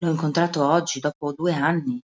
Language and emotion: Italian, surprised